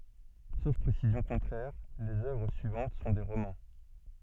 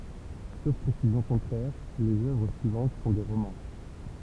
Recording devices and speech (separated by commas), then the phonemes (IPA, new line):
soft in-ear microphone, temple vibration pickup, read sentence
sof pʁesizjɔ̃ kɔ̃tʁɛʁ lez œvʁ syivɑ̃t sɔ̃ de ʁomɑ̃